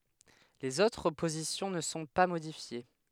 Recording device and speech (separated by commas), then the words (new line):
headset microphone, read sentence
Les autres positions ne sont pas modifiées.